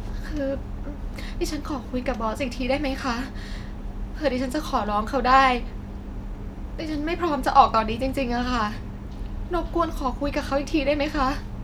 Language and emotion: Thai, sad